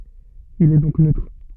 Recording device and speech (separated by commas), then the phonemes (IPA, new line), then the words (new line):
soft in-ear microphone, read sentence
il ɛ dɔ̃k nøtʁ
Il est donc neutre.